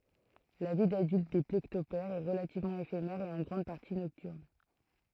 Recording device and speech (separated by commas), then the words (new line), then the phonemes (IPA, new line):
throat microphone, read sentence
La vie d'adulte des plécoptères est relativement éphémère et en grande partie nocturne.
la vi dadylt de plekɔptɛʁz ɛ ʁəlativmɑ̃ efemɛʁ e ɑ̃ ɡʁɑ̃d paʁti nɔktyʁn